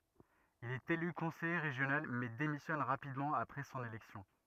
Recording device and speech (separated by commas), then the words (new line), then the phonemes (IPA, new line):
rigid in-ear microphone, read sentence
Il est élu conseiller régional mais démissionne rapidement après son élection.
il ɛt ely kɔ̃sɛje ʁeʒjonal mɛ demisjɔn ʁapidmɑ̃ apʁɛ sɔ̃n elɛksjɔ̃